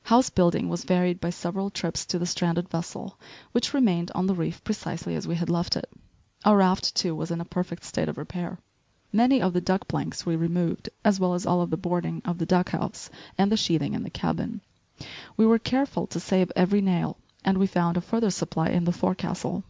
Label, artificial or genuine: genuine